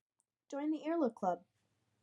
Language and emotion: English, neutral